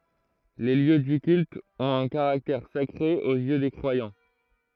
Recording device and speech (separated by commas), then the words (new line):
throat microphone, read sentence
Les lieux du culte ont un caractère sacré aux yeux des croyants.